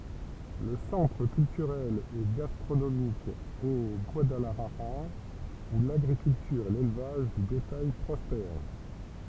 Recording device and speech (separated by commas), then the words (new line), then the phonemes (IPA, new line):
temple vibration pickup, read sentence
Le centre culturel et gastronomique est Guadalajara où l'agriculture et l'élevage de bétail prospèrent.
lə sɑ̃tʁ kyltyʁɛl e ɡastʁonomik ɛ ɡwadalaʒaʁa u laɡʁikyltyʁ e lelvaʒ də betaj pʁɔspɛʁ